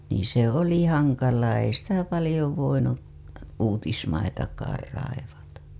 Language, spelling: Finnish, niin se oli hankalaa ei sitä paljon voinut uutismaitakaan raivata
- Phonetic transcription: niiḭ se "oli "haŋkalaa ei sitä palĭjo voinu , uutismaitakaar raivata .

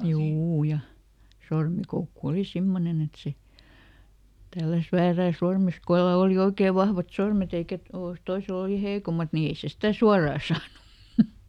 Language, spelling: Finnish, juu ja sormikoukku oli semmoinen että se tälläsi väärään sormeen kenellä oli oikein vahvat sormet eikä - toisella oli heikommat niin ei se sitä suoraan saanut
- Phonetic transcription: ˈjuu ja , ˈsormikoukku ˈoli "simmonen ‿et se , ˈtälläs "väärää ˈsormes "kellä ˈoli ˈoikee ˈvahvat "sormet ‿eikä to- , "toisel ‿oli ˈheikomat ni ˈei se ˈstä "suaraa ˈsaanu .

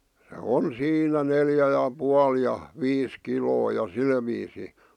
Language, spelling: Finnish, se on siinä neljä ja puoli ja viisi kiloa ja sillä viisiin
- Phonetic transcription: se "on 'siinä "neljä ja 'pual ja , "viis "kiloo ja 'sil viisi .

